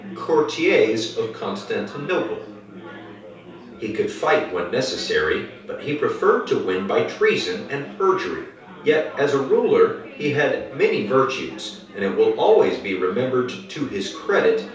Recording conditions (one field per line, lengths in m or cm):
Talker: one person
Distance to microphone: 3.0 m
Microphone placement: far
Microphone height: 1.8 m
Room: small (3.7 m by 2.7 m)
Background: babble